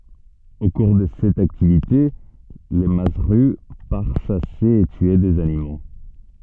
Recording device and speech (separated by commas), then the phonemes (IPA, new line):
soft in-ear microphone, read sentence
o kuʁ də sɛt aktivite lə mazzʁy paʁ ʃase e tye dez animo